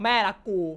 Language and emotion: Thai, angry